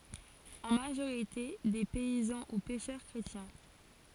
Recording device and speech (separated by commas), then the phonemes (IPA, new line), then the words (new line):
forehead accelerometer, read sentence
ɑ̃ maʒoʁite de pɛizɑ̃ u pɛʃœʁ kʁetjɛ̃
En majorité des paysans ou pêcheurs chrétiens.